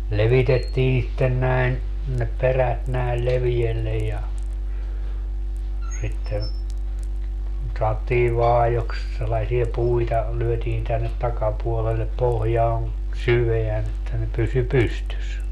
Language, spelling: Finnish, levitettiin sitten näin ne perät näin leveällä ja sitten sanottiin vaajoiksi sellaisia puita lyötiin tänne takapuolelle pohjaan syvään että ne pysyi pystyssä
- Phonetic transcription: 'levitettii sitten 'näin , ne 'perät näil 'leviellej ja , sitte , saottii "vaajoks sellasie 'puita , 'lyötiin tännet 'takapuolellep 'pohjaan , "syveän ‿että ne 'pysy "pystys .

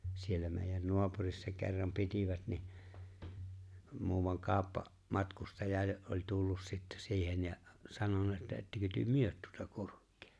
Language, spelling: Finnish, siellä meidän naapurissa kerran pitivät niin muuan - kauppamatkustaja jo oli tullut sitten siihen ja sanonut että ettekö te myy tuota kurkea
- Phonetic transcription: 'siellä meeⁱjän 'no̭apurissa ke̬rram 'pitivät ni , muuvam 'kaaᵒppa- , 'matkustaja jo’ , ’oĺ 'tullus sittä siihen ja , 'sanona että » 'ettekö työ "myöt tuota 'kurk̆kᴇᴇ ? «

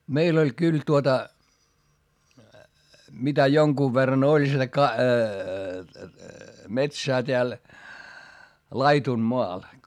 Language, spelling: Finnish, meillä oli kyllä tuota mitä jonkun verran oli sitä - metsää täällä laidunmaa
- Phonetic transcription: meil ‿oĺ kyl tuota , mitä joŋkuuv verran ‿oĺ sitä ka- , metsää teäl , laitunmoa .

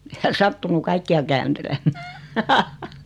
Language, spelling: Finnish, ei hän sattunut kaikkia kääntelemään
- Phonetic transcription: e 'hän 'sattunu "kaikki₍a kääntelemmää .

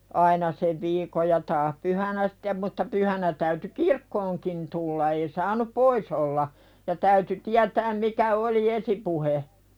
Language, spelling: Finnish, aina sen viikon ja taas pyhänä sitten mutta pyhänä täytyi kirkkoonkin tulla ei saanut pois olla ja täytyi tietää mikä oli esipuhe
- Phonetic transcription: 'aina sev 'viikoj ja taah "pyhänä sɪttem mutta 'pyhänä täyty 'kirkkooŋkin tulla ei 'saanup "pois ‿olla , ja täyty "tiätääm mikä oli 'esipuhe .

